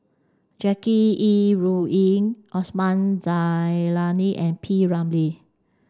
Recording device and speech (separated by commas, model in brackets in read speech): standing microphone (AKG C214), read sentence